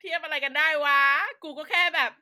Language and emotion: Thai, happy